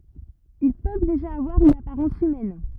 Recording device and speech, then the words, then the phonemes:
rigid in-ear microphone, read sentence
Ils peuvent déjà avoir une apparence humaine.
il pøv deʒa avwaʁ yn apaʁɑ̃s ymɛn

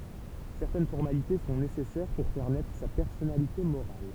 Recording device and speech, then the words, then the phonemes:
temple vibration pickup, read sentence
Certaines formalités sont nécessaires pour faire naître sa personnalité morale.
sɛʁtɛn fɔʁmalite sɔ̃ nesɛsɛʁ puʁ fɛʁ nɛtʁ sa pɛʁsɔnalite moʁal

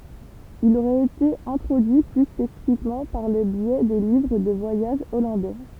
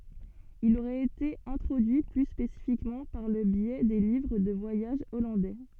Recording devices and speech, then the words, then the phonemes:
temple vibration pickup, soft in-ear microphone, read sentence
Il aurait été introduit plus spécifiquement par le biais des livres de voyage hollandais.
il oʁɛt ete ɛ̃tʁodyi ply spesifikmɑ̃ paʁ lə bjɛ de livʁ də vwajaʒ ɔlɑ̃dɛ

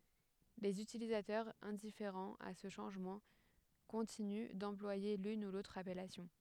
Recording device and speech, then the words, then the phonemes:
headset microphone, read sentence
Les utilisateurs, indifférents à ce changement, continuent d’employer l’une ou l’autre appellation.
lez ytilizatœʁz ɛ̃difeʁɑ̃z a sə ʃɑ̃ʒmɑ̃ kɔ̃tiny dɑ̃plwaje lyn u lotʁ apɛlasjɔ̃

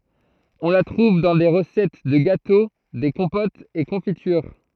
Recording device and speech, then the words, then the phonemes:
throat microphone, read sentence
On la trouve dans des recettes de gâteau, des compotes et confitures.
ɔ̃ la tʁuv dɑ̃ de ʁəsɛt də ɡato de kɔ̃potz e kɔ̃fityʁ

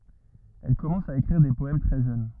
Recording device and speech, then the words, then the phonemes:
rigid in-ear microphone, read sentence
Elle commence à écrire des poèmes très jeune.
ɛl kɔmɑ̃s a ekʁiʁ de pɔɛm tʁɛ ʒøn

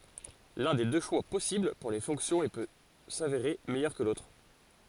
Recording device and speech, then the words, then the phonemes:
forehead accelerometer, read sentence
L'un des deux choix possibles pour les fonctions et peut s'avérer meilleur que l'autre.
lœ̃ de dø ʃwa pɔsibl puʁ le fɔ̃ksjɔ̃z e pø saveʁe mɛjœʁ kə lotʁ

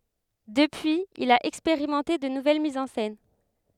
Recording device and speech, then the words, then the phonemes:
headset microphone, read sentence
Depuis, il a expérimenté de nouvelles mises en scène.
dəpyiz il a ɛkspeʁimɑ̃te də nuvɛl mizz ɑ̃ sɛn

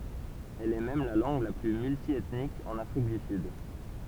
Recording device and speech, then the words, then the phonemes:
temple vibration pickup, read sentence
Elle est même la langue la plus multiethnique en Afrique du Sud.
ɛl ɛ mɛm la lɑ̃ɡ la ply myltjɛtnik ɑ̃n afʁik dy syd

